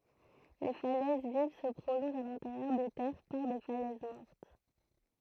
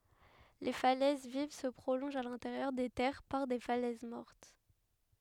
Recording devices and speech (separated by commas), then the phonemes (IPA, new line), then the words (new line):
throat microphone, headset microphone, read sentence
le falɛz viv sə pʁolɔ̃ʒt a lɛ̃teʁjœʁ de tɛʁ paʁ de falɛz mɔʁt
Les falaises vives se prolongent à l'intérieur des terres par des falaises mortes.